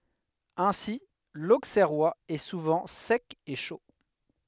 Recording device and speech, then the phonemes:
headset microphone, read sentence
ɛ̃si loksɛʁwaz ɛ suvɑ̃ sɛk e ʃo

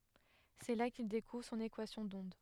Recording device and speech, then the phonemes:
headset microphone, read sentence
sɛ la kil dekuvʁ sɔ̃n ekwasjɔ̃ dɔ̃d

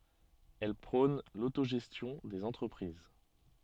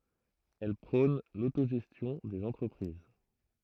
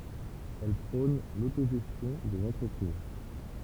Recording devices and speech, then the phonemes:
soft in-ear microphone, throat microphone, temple vibration pickup, read sentence
ɛl pʁɔ̃n lotoʒɛstjɔ̃ dez ɑ̃tʁəpʁiz

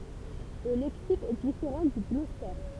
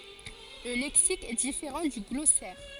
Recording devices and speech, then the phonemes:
temple vibration pickup, forehead accelerometer, read sentence
lə lɛksik ɛ difeʁɑ̃ dy ɡlɔsɛʁ

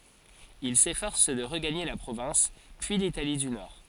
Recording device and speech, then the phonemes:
forehead accelerometer, read sentence
il sefɔʁs də ʁəɡaɲe la pʁovɛ̃s pyi litali dy nɔʁ

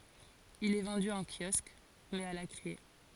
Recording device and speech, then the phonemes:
forehead accelerometer, read sentence
il ɛ vɑ̃dy ɑ̃ kjɔsk mɛz a la kʁie

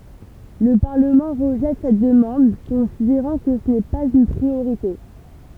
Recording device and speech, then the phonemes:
temple vibration pickup, read sentence
lə paʁləmɑ̃ ʁəʒɛt sɛt dəmɑ̃d kɔ̃sideʁɑ̃ kə sə nɛ paz yn pʁioʁite

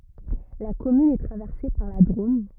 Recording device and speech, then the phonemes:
rigid in-ear microphone, read sentence
la kɔmyn ɛ tʁavɛʁse paʁ la dʁom

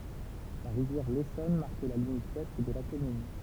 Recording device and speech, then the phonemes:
temple vibration pickup, read sentence
la ʁivjɛʁ lesɔn maʁk la limit wɛst də la kɔmyn

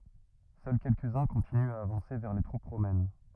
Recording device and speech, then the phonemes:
rigid in-ear microphone, read sentence
sœl kɛlkəzœ̃ kɔ̃tinyt a avɑ̃se vɛʁ le tʁup ʁomɛn

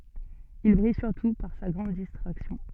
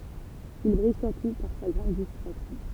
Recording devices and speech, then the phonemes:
soft in-ear microphone, temple vibration pickup, read sentence
il bʁij syʁtu paʁ sa ɡʁɑ̃d distʁaksjɔ̃

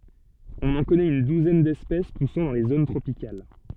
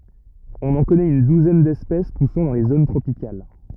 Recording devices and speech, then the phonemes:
soft in-ear microphone, rigid in-ear microphone, read sentence
ɔ̃n ɑ̃ kɔnɛt yn duzɛn dɛspɛs pusɑ̃ dɑ̃ le zon tʁopikal

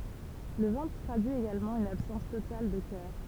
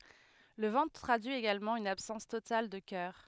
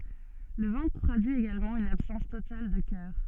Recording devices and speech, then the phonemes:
temple vibration pickup, headset microphone, soft in-ear microphone, read sentence
lə vɑ̃tʁ tʁadyi eɡalmɑ̃ yn absɑ̃s total də kœʁ

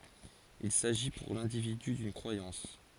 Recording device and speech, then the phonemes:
forehead accelerometer, read sentence
il saʒi puʁ lɛ̃dividy dyn kʁwajɑ̃s

